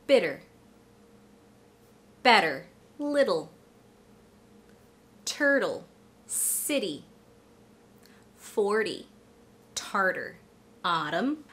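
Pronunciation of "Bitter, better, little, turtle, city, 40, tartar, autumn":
In each of these words, the t in the middle is not a true t. It is a flap T that sounds almost like a light d, not a hard d.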